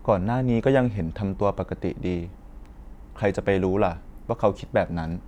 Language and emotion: Thai, neutral